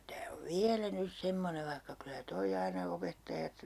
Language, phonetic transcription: Finnish, tää , 'tää ov "viälä 'nys 'semmonev vaihka kylä 'toi aina 'opettajat , .
- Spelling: tämä tämä on vielä nyt semmoinen vaikka kyllä tuo aina opettajat

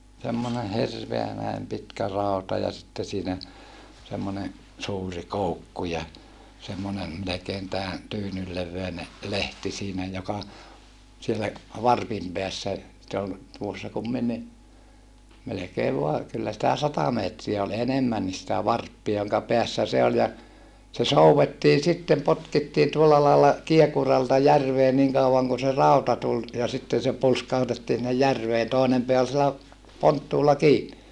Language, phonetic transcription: Finnish, semmone hirveä näim pitkä rauta ja sitte siinä , semmone , suuri koukku ja , semmone melekeen tää , tyynyl levveine , lehti siinä joka , siellä , varpim peässä , se ol , tuossa kumminni , melekeev voa , kyllä sⁱtä sata meetriä ol enemmännis sⁱtä varppia joŋka peässä se oĺ ja , se souwettii sittem potkittiin tuolla laalla , kiekuralta järvee niŋ kau₍aŋ kun se ràuta tul , ja sitten̬ se pulskahutettii sinnej järveen tòinem peä ol sielä , ponttuulla kii(ni) .
- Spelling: semmoinen hirveä näin pitkä rauta ja sitten siinä semmoinen suuri koukku ja semmoinen melkein tämän tyynyn levyinen lehti siinä joka siellä varpin päässä se oli tuossa kumminkin melkein vain kyllä sitä sata metriä oli enemmänkin sitä varppia jonka päässä se oli ja se soudettiin sitten potkittiin tuolla lailla kiekuralta järveen niin kauan kuin se rauta tuli ja sitten se pulskautettiin sinne järveen toinen pää oli siellä ponttuulla kiinni

